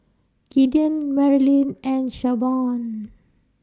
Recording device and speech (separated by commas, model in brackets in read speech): standing microphone (AKG C214), read sentence